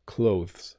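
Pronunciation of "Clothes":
'Clothes' is said with a British pronunciation, and the th sound is heard a little bit.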